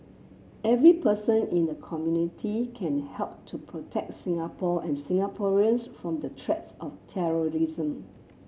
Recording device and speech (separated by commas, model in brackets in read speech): mobile phone (Samsung C7), read sentence